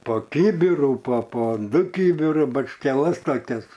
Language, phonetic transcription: Lithuanian, po ˈkybiru po po ˈdu ˈkybiru bačkeˈlas taˈkias

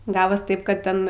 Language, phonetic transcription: Lithuanian, ˈgavos ˈtaip kad ˈten

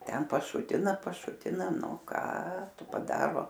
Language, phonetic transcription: Lithuanian, ˈten paˈšutina paˈšutina ˈnu ˈką ˈtu paˈdaro

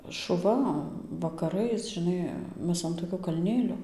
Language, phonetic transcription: Lithuanian, šuˈva vakaˈrais žiˈnai ˈmes an toˈkio kalˈnėlio

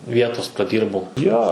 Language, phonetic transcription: Lithuanian, ˈvietos praˈdyrbau ˈjo

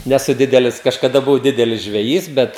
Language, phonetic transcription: Lithuanian, neˈsu ˈdidelis kažkaˈda buˈvau ˈdidelis žveˈjys ˈbet

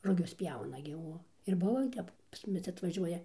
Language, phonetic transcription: Lithuanian, ruˈgius ˈpjauna gi ˈuo ir ˈbuo i ˈtep pas ˈmumis atvaˈžiuoja

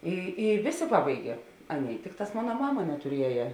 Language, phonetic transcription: Lithuanian, i i ˈvėˌsė ˈpabaigia ˈanˌėi ˈtikˌtās ˈmona ˈmama netuˈrieja

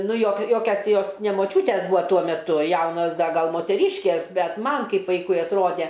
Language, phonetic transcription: Lithuanian, ˈnu jok ˈjokias ˈti ˈjos ne moˈčiūtes ˈbūa ˈtuo meˈtu ˈjaunos ˈda ˈgal moteˈryškės ˈbet ˈman ˈkaip ˈvaikui atˈrode

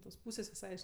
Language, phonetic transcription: Lithuanian, tos ˈpūsės viˈsai aš

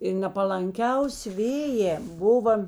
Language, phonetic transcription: Lithuanian, ir nepalanˈkiausi ˈvėjē ˈbuva

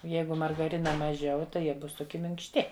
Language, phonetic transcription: Lithuanian, o ˈjeigu margaˈrina maˈžiau tai ˈjie ˈbus toˈki minkšˈti

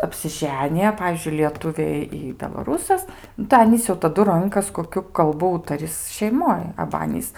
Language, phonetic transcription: Lithuanian, apsiˈženija ˈpavyzdžiui lieˈtuvė i belaˈrūsas nu tai ˈanys jau taˈdu ˈrunkas koˈkiu kalˈbu ˈūtaris šeiˈmoj aba ˈanys

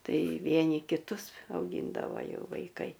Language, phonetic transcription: Lithuanian, ˈtai ˈvieni kiˈtus auˈgyndavo ˈjau vaiˈkai

